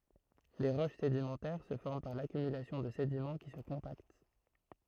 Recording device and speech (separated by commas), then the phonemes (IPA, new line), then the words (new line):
throat microphone, read sentence
le ʁoʃ sedimɑ̃tɛʁ sə fɔʁm paʁ lakymylasjɔ̃ də sedimɑ̃ ki sə kɔ̃pakt
Les roches sédimentaires se forment par l'accumulation de sédiments qui se compactent.